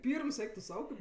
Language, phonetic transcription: Lithuanian, ˈpyrms ˈeik tu ˈsau kaip

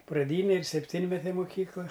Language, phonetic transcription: Lithuanian, praˈdynė ir sepˈtynmetė moˈkykla

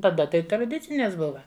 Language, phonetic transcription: Lithuanian, taˈda ˈtai traˈdicines ˈbuva

